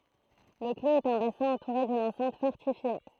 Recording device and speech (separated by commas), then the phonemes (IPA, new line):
throat microphone, read sentence
lə kloz ɛt œ̃ basɛ̃ ɑ̃tuʁe dyn ɑ̃sɛ̃t fɔʁtifje